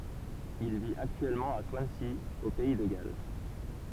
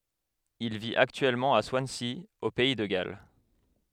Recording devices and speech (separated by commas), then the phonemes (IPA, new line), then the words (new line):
temple vibration pickup, headset microphone, read sentence
il vit aktyɛlmɑ̃ a swansi o pɛi də ɡal
Il vit actuellement à Swansea, au pays de Galles.